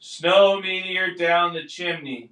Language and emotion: English, neutral